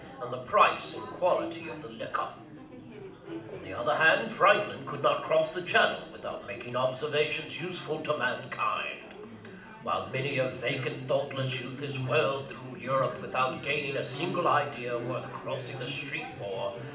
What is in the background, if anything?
Crowd babble.